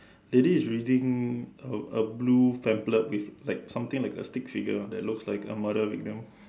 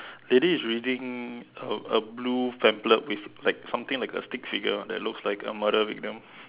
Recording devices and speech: standing microphone, telephone, conversation in separate rooms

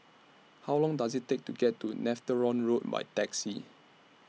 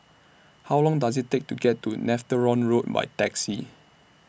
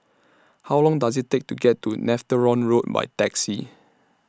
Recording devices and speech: mobile phone (iPhone 6), boundary microphone (BM630), standing microphone (AKG C214), read sentence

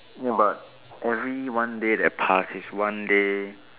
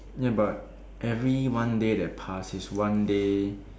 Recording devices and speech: telephone, standing microphone, conversation in separate rooms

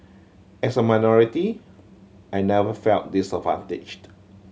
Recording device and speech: mobile phone (Samsung C7100), read sentence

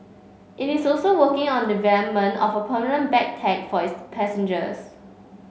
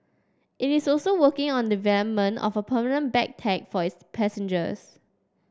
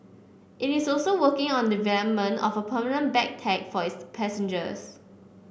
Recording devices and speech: mobile phone (Samsung C5), standing microphone (AKG C214), boundary microphone (BM630), read sentence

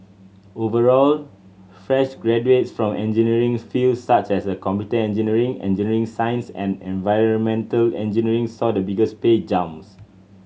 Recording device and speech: mobile phone (Samsung C7100), read sentence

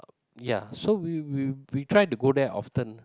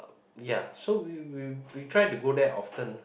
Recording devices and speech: close-talking microphone, boundary microphone, conversation in the same room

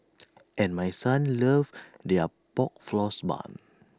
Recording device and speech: standing microphone (AKG C214), read sentence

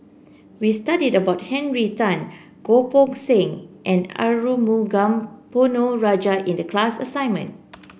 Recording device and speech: boundary microphone (BM630), read sentence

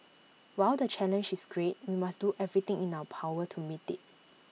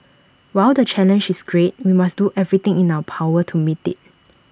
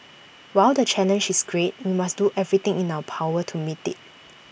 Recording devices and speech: mobile phone (iPhone 6), standing microphone (AKG C214), boundary microphone (BM630), read sentence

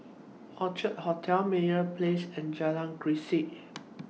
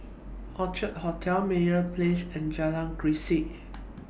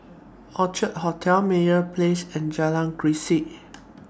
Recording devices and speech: mobile phone (iPhone 6), boundary microphone (BM630), standing microphone (AKG C214), read sentence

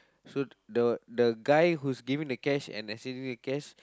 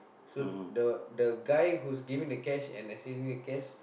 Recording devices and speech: close-talking microphone, boundary microphone, conversation in the same room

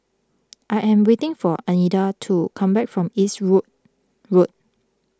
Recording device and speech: close-talking microphone (WH20), read sentence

